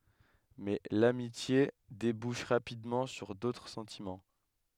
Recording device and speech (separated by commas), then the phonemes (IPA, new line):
headset microphone, read sentence
mɛ lamitje debuʃ ʁapidmɑ̃ syʁ dotʁ sɑ̃timɑ̃